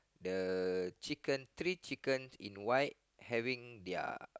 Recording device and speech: close-talking microphone, conversation in the same room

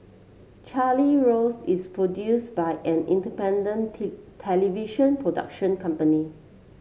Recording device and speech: mobile phone (Samsung C7), read sentence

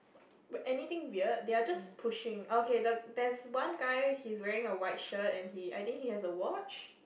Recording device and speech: boundary microphone, conversation in the same room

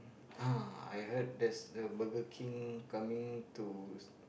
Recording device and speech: boundary microphone, conversation in the same room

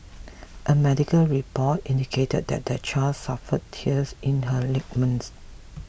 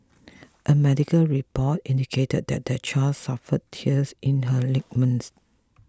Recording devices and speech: boundary microphone (BM630), close-talking microphone (WH20), read sentence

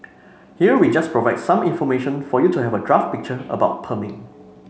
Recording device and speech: mobile phone (Samsung C5), read sentence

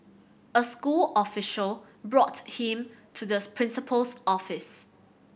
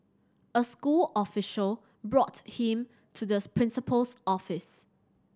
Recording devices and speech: boundary microphone (BM630), standing microphone (AKG C214), read sentence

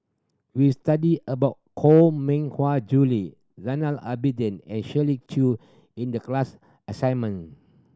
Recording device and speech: standing microphone (AKG C214), read sentence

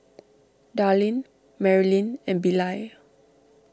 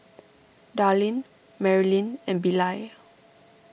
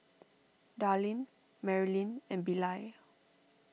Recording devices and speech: standing microphone (AKG C214), boundary microphone (BM630), mobile phone (iPhone 6), read sentence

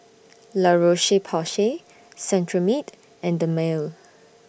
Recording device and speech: boundary microphone (BM630), read sentence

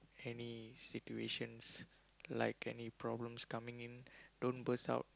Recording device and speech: close-talking microphone, conversation in the same room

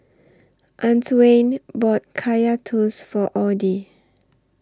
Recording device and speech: standing microphone (AKG C214), read sentence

